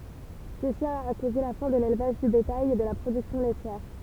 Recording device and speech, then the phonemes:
temple vibration pickup, read sentence
səsi a koze la fɛ̃ də lelvaʒ dy betaj e də la pʁodyksjɔ̃ lɛtjɛʁ

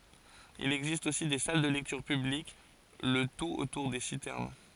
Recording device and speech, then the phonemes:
forehead accelerometer, read sentence
il ɛɡzist osi de sal də lɛktyʁ pyblik lə tut otuʁ de sitɛʁn

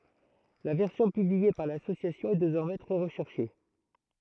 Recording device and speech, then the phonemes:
throat microphone, read sentence
la vɛʁsjɔ̃ pyblie paʁ lasosjasjɔ̃ ɛ dezɔʁmɛ tʁɛ ʁəʃɛʁʃe

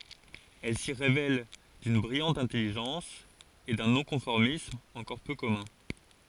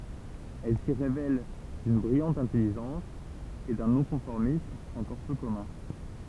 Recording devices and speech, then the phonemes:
forehead accelerometer, temple vibration pickup, read sentence
ɛl si ʁevɛl dyn bʁijɑ̃t ɛ̃tɛliʒɑ̃s e dœ̃ nɔ̃kɔ̃fɔʁmism ɑ̃kɔʁ pø kɔmœ̃

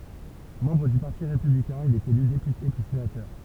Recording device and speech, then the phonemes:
temple vibration pickup, read sentence
mɑ̃bʁ dy paʁti ʁepyblikɛ̃ il ɛt ely depyte pyi senatœʁ

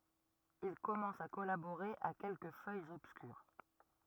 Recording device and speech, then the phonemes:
rigid in-ear microphone, read sentence
il kɔmɑ̃s a kɔlaboʁe a kɛlkə fœjz ɔbskyʁ

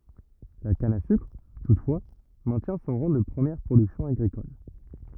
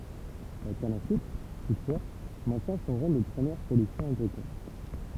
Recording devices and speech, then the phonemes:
rigid in-ear microphone, temple vibration pickup, read sentence
la kan a sykʁ tutfwa mɛ̃tjɛ̃ sɔ̃ ʁɑ̃ də pʁəmjɛʁ pʁodyksjɔ̃ aɡʁikɔl

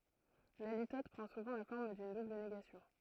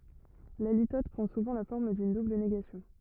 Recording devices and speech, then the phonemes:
throat microphone, rigid in-ear microphone, read sentence
la litɔt pʁɑ̃ suvɑ̃ la fɔʁm dyn dubl neɡasjɔ̃

